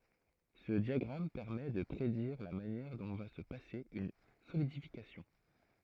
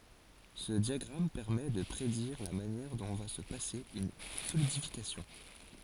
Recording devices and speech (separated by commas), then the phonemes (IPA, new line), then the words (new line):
throat microphone, forehead accelerometer, read sentence
sə djaɡʁam pɛʁmɛ də pʁediʁ la manjɛʁ dɔ̃ va sə pase yn solidifikasjɔ̃
Ce diagramme permet de prédire la manière dont va se passer une solidification.